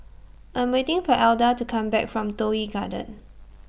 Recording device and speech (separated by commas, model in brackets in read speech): boundary microphone (BM630), read sentence